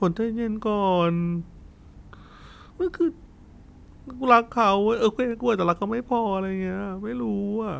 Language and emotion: Thai, sad